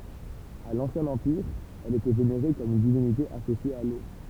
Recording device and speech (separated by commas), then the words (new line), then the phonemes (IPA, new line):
temple vibration pickup, read sentence
À l'Ancien Empire, elle était vénérée comme une divinité associée à l'eau.
a lɑ̃sjɛ̃ ɑ̃piʁ ɛl etɛ veneʁe kɔm yn divinite asosje a lo